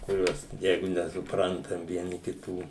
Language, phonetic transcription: Lithuanian, kuˈriuos ˈjeigu nesuˈprantam vieˈni kiˈtų

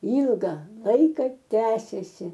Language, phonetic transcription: Lithuanian, ˈylga ˈlaika ˈtęsėsi

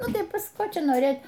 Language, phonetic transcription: Lithuanian, ˈnu tai ˈpas ˈko ˈčia noˈrėt

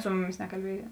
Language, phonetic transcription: Lithuanian, ˈsu muˌmis nekalˈbėja

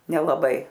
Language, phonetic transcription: Lithuanian, nelaˈbai

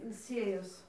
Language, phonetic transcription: Lithuanian, in ˈsėjos

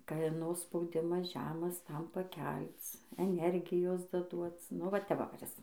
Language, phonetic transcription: Lithuanian, kaˈno spauˈdimas ˈžemas ˈtam paˈkelc eˈnergijos daˈduoc nu ˈva te ˈva kuˈris

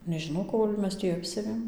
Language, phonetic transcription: Lithuanian, nežiˈnau ˈkol' ˈmes tį ˈapsiavėm

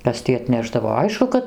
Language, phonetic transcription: Lithuanian, ˈkas tį atˈnešdavo ˈaišku kad

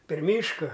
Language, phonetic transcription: Lithuanian, per ˈmyška

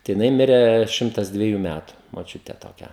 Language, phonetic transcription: Lithuanian, tai jiˈnai ˈmirė ˈšimtas dveˈjų ˈmætu moˈčiutė toˈkia

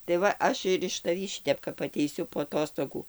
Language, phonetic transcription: Lithuanian, tai ˈva ˈaš ir iš taˈvį ˈšitep kap ateiˈsiu po aˈtostogų

